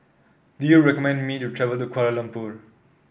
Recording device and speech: boundary microphone (BM630), read sentence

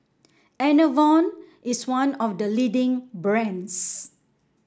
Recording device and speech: standing microphone (AKG C214), read sentence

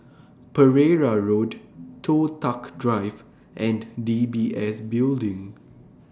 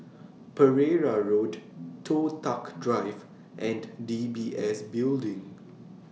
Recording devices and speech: standing microphone (AKG C214), mobile phone (iPhone 6), read sentence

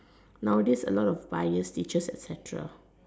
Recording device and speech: standing microphone, conversation in separate rooms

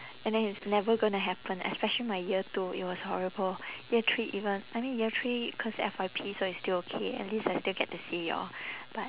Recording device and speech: telephone, conversation in separate rooms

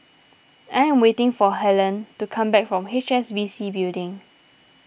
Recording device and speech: boundary microphone (BM630), read sentence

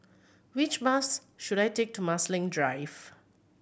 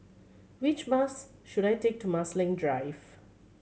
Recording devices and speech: boundary microphone (BM630), mobile phone (Samsung C7100), read sentence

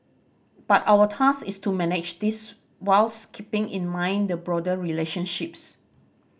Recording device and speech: boundary microphone (BM630), read sentence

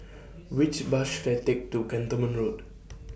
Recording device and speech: boundary microphone (BM630), read sentence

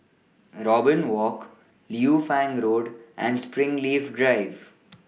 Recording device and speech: mobile phone (iPhone 6), read sentence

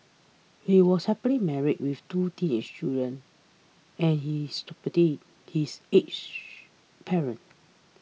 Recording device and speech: mobile phone (iPhone 6), read sentence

